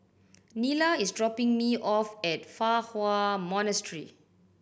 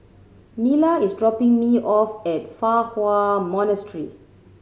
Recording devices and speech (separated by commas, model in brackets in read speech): boundary microphone (BM630), mobile phone (Samsung C7100), read sentence